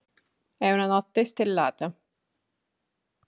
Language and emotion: Italian, neutral